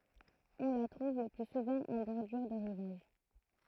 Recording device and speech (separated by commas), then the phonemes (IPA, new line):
throat microphone, read sentence
ɔ̃ la tʁuv lə ply suvɑ̃ ɑ̃ bɔʁdyʁ də ʁivaʒ